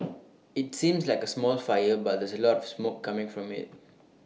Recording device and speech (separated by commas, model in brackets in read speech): mobile phone (iPhone 6), read sentence